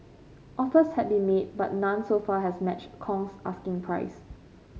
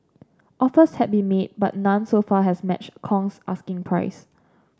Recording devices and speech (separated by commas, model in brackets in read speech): mobile phone (Samsung C5), standing microphone (AKG C214), read sentence